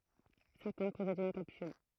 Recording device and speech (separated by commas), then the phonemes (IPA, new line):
throat microphone, read sentence
sɛʁtɛ̃ pɔsɛdt yn kapsyl